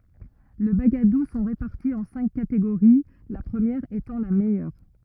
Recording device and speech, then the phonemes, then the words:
rigid in-ear microphone, read sentence
le baɡadu sɔ̃ ʁepaʁti ɑ̃ sɛ̃k kateɡoʁi la pʁəmjɛʁ etɑ̃ la mɛjœʁ
Les bagadoù sont répartis en cinq catégories, la première étant la meilleure.

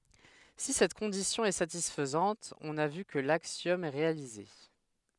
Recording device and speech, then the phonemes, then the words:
headset microphone, read sentence
si sɛt kɔ̃disjɔ̃ ɛ satisfɛt ɔ̃n a vy kə laksjɔm ɛ ʁealize
Si cette condition est satisfaite on a vu que l'axiome est réalisé.

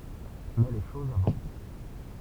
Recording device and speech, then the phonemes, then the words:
temple vibration pickup, read sentence
mɛ le ʃozz avɑ̃s
Mais les choses avancent.

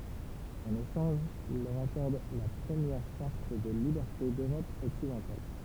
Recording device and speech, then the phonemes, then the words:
temple vibration pickup, read sentence
ɑ̃n eʃɑ̃ʒ il lœʁ akɔʁd la pʁəmjɛʁ ʃaʁt də libɛʁte døʁɔp ɔksidɑ̃tal
En échange, il leur accorde la première charte de liberté d'Europe occidentale.

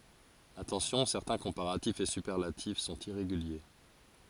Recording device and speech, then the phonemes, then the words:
forehead accelerometer, read sentence
atɑ̃sjɔ̃ sɛʁtɛ̃ kɔ̃paʁatifz e sypɛʁlatif sɔ̃t iʁeɡylje
Attention: certains comparatifs et superlatifs sont irréguliers.

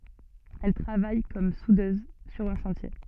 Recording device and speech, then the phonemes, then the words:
soft in-ear microphone, read sentence
ɛl tʁavaj kɔm sudøz syʁ œ̃ ʃɑ̃tje
Elle travaille comme soudeuse sur un chantier.

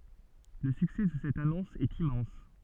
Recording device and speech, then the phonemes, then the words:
soft in-ear microphone, read sentence
lə syksɛ də sɛt anɔ̃s ɛt immɑ̃s
Le succès de cette annonce est immense.

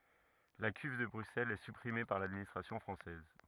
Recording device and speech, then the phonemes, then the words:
rigid in-ear microphone, read sentence
la kyv də bʁyksɛlz ɛ sypʁime paʁ ladministʁasjɔ̃ fʁɑ̃sɛz
La Cuve de Bruxelles est supprimée par l'administration française.

